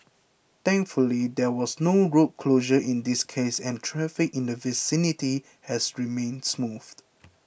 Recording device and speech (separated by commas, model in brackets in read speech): boundary microphone (BM630), read sentence